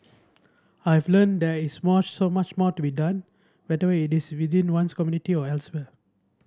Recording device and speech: standing microphone (AKG C214), read sentence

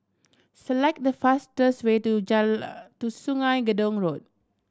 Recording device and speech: standing microphone (AKG C214), read sentence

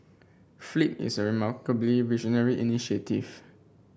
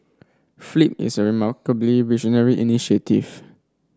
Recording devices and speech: boundary microphone (BM630), standing microphone (AKG C214), read sentence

